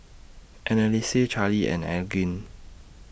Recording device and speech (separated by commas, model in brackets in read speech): boundary microphone (BM630), read sentence